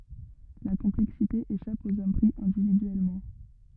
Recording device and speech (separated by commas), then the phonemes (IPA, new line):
rigid in-ear microphone, read sentence
la kɔ̃plɛksite eʃap oz ɔm pʁi ɛ̃dividyɛlmɑ̃